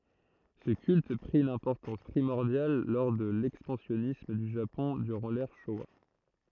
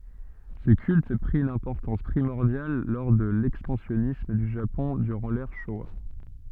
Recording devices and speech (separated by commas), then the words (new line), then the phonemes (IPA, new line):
throat microphone, soft in-ear microphone, read sentence
Ce culte prit une importance primordiale lors de l'expansionnisme du Japon durant l'ère Showa.
sə kylt pʁi yn ɛ̃pɔʁtɑ̃s pʁimɔʁdjal lɔʁ də lɛkspɑ̃sjɔnism dy ʒapɔ̃ dyʁɑ̃ lɛʁ ʃowa